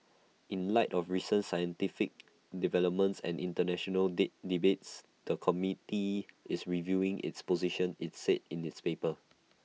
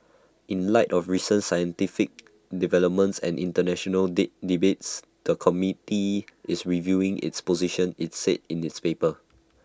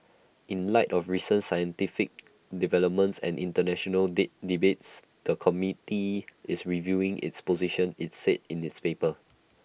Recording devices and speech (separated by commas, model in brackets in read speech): mobile phone (iPhone 6), standing microphone (AKG C214), boundary microphone (BM630), read sentence